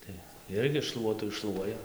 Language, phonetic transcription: Lithuanian, ˈtai ˈirgi ˈšluotu išˈšluoja

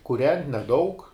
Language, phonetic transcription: Lithuanian, kuˈrent' neˈdaug

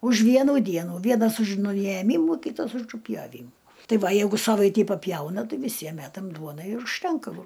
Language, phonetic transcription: Lithuanian, už ˈvienų ˈdienų ˈvienas už nujeˈmymų ˈkytas uˈžu pjoˈvymu ˈtai ˈva ˈjeigu ˈsavaitį paˈpjauna ˈtai viˈsiem ˈmætam ˈduonai ir užˈtenka vo

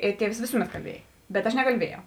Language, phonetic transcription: Lithuanian, ˈir ˈtievs ˈvėsuˌmet kalˈbiej bet ˈaš nekalˈbiejau

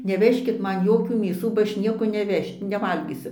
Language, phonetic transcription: Lithuanian, neˈvežkit ˈman ˈjokių mėˈsų ba ˈaš ˈnieko neˈveš' neˈvalgysiu

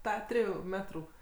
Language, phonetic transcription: Lithuanian, ˈtą ˈtrijų ˈmetrų

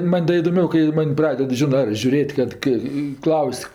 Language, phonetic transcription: Lithuanian, ˈman' da idoˈmiau kai ˈman' ˈpraded ˈžinɜ ar žiuˈrėt' ˈkad kɜ i ˈklaus'

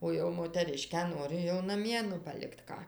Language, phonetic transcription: Lithuanian, ˈo jau moteˈriškę ˈnori jau naˈmie nu paˈlikt ˈką

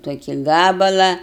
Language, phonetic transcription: Lithuanian, toˈki ˈgabala

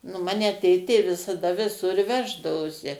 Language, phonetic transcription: Lithuanian, nu ˈmane ˈtėtė visaˈda viˈsur ˈveždavosi

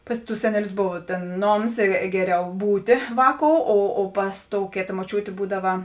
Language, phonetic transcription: Lithuanian, ˈpas ˌtus ˈseneˌlius ˈbova tėn ˈnoms i ˈgeˌriau ˈbūtė ˈvāˌkou o o ˈpas ˌtou ˈkėta moˈčiūtė ˈbūdava

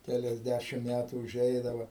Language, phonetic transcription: Lithuanian, keliasˈdæšim ˈmætų uˈžeidava

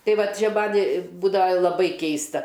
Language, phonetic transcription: Lithuanian, ˈtai ˈvat ˈčia ˈman' ˈbūdava laˈbai ˈkeista

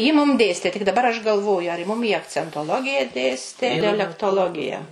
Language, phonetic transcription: Lithuanian, ji mum ˈdėstė tik daˈbar aš galˈvoju ar ji ˈmum y akcentoˈlogija ˈdėstė dialektoˈlogija

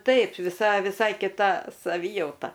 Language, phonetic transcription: Lithuanian, ˈtaip viˈsa viˈsai kiˈta saˈvyjauta

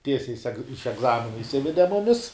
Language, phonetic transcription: Lithuanian, ˈtiesiai seg iš egˈzamina išˈsivede ˈmumis

